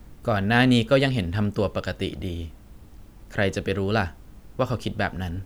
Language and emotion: Thai, neutral